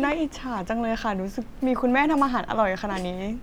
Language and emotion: Thai, happy